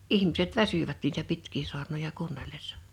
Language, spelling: Finnish, ihmiset väsyivät niitä pitkiä saarnoja kuunnellessa
- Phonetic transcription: 'ihmiset "väsyvät niitä 'pitk̀ii 'su̬arnoja 'kuunnellessᴀ .

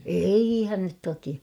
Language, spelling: Finnish, eihän nyt toki
- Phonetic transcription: eihän nyt 'toki .

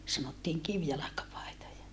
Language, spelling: Finnish, sanottiin kivjalkapaitoja
- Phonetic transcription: sanottiiŋ kivjalakapài̮toja .

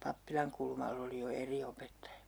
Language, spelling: Finnish, Pappilankulmalla oli jo eri opettaja
- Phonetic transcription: 'Pappilaŋkulmall ‿oli jo 'eri opettaja .

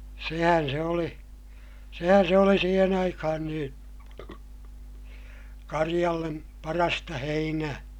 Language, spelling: Finnish, sehän se oli sehän se oli siihen aikaan niin karjalle parasta heinää
- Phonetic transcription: sehän se oli , sehän se oli siihen ‿aikahan niin̬ , kariʲallem , parasta heinää .

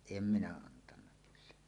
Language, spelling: Finnish, en minä antanut kyllä
- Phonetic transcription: em 'minä 'antanna kyllä .

